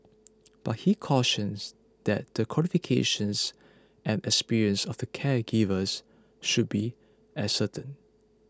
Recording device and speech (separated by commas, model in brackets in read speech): close-talking microphone (WH20), read sentence